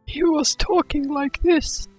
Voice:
Funny voice